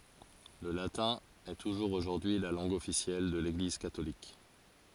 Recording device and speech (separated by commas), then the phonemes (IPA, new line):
forehead accelerometer, read sentence
lə latɛ̃ ɛ tuʒuʁz oʒuʁdyi y la lɑ̃ɡ ɔfisjɛl də leɡliz katolik